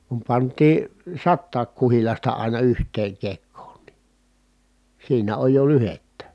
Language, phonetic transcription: Finnish, kum pant̆tii , sattaak kuhilasta àina yht̀eeŋ kekkoon ni , siinä oj jo lyhettä .
- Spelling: kun pantiin satakin kuhilasta aina yhteen kekoon niin siinä oli jo lyhdettä

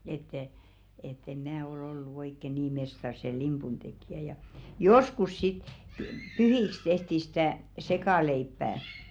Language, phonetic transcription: Finnish, ettɛ , ett ‿em "mä o'l ‿ollu 'oikke "nii 'mestar se "limpun tekjä ja , "joskus 'sit , py- 'pyhiks tehti sɪtä̀ , 'sekàleippää .
- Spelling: että ett en minä ole ollut oikein niin mestari sen limpun tekijä ja joskus sitten - pyhiksi tehtiin sitä sekaleipää

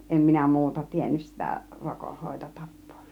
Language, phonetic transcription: Finnish, 'em minä "mu̬uta 'tiennys sitä 'rokohhòito 'tappOO .
- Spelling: en minä muuta tiennyt sitä - rokonhoitotapaa

